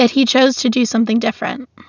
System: none